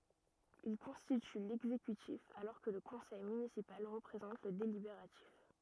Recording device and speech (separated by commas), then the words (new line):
rigid in-ear microphone, read sentence
Il constitue l'exécutif alors que le Conseil municipal représente le délibératif.